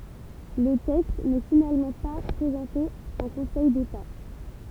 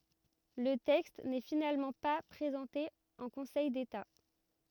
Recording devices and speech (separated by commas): temple vibration pickup, rigid in-ear microphone, read sentence